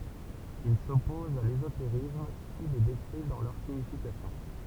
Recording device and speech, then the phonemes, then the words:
temple vibration pickup, read sentence
il sɔpɔz a lezoteʁism ki le dekʁi dɑ̃ lœʁ siɲifikasjɔ̃
Il s'oppose à l'ésotérisme qui les décrit dans leur signification.

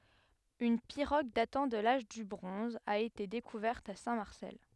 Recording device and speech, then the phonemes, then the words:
headset microphone, read sentence
yn piʁoɡ datɑ̃ də laʒ dy bʁɔ̃z a ete dekuvɛʁt a sɛ̃tmaʁsɛl
Une pirogue datant de l'âge du bronze a été découverte à Saint-Marcel.

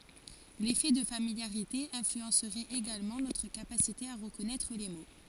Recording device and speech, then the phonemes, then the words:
forehead accelerometer, read sentence
lefɛ də familjaʁite ɛ̃flyɑ̃sʁɛt eɡalmɑ̃ notʁ kapasite a ʁəkɔnɛtʁ le mo
L’effet de familiarité influencerait également notre capacité à reconnaître les mots.

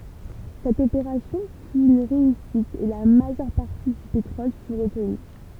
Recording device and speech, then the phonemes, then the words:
temple vibration pickup, read sentence
sɛt opeʁasjɔ̃ fy yn ʁeysit e la maʒœʁ paʁti dy petʁɔl fy ʁətny
Cette opération fut une réussite et la majeure partie du pétrole fut retenue.

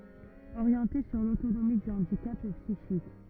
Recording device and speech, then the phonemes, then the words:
rigid in-ear microphone, read sentence
oʁjɑ̃te syʁ lotonomi dy ɑ̃dikap psiʃik
Orienté sur l'autonomie du handicap psychique.

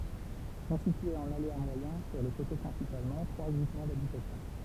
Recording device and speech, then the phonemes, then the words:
temple vibration pickup, read sentence
sɔ̃ sityez ɑ̃n alea mwajɛ̃ syʁ lə koto pʁɛ̃sipalmɑ̃ tʁwa ɡʁupmɑ̃ dabitasjɔ̃
Sont situés en aléa moyen, sur le coteau principalement, trois groupements d’habitation.

